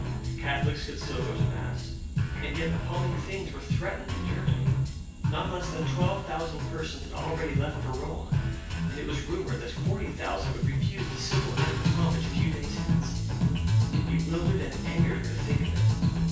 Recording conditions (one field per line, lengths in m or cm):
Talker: one person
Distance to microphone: 9.8 m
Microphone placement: far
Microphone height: 1.8 m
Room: large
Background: music